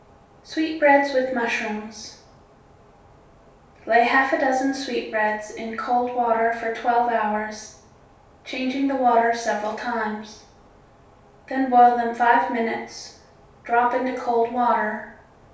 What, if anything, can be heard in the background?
Nothing.